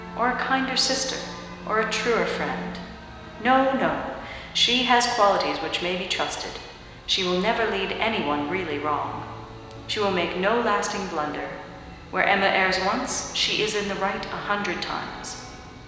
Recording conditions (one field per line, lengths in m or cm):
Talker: one person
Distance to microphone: 1.7 m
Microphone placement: close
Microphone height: 1.0 m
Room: very reverberant, large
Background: music